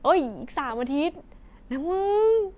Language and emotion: Thai, happy